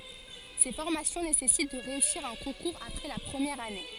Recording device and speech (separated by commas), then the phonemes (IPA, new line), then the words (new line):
forehead accelerometer, read sentence
se fɔʁmasjɔ̃ nesɛsit də ʁeysiʁ œ̃ kɔ̃kuʁz apʁɛ la pʁəmjɛʁ ane
Ces formations nécessitent de réussir un concours après la première année.